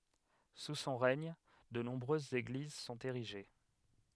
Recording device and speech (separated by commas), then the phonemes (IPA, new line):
headset microphone, read sentence
su sɔ̃ ʁɛɲ də nɔ̃bʁøzz eɡliz sɔ̃t eʁiʒe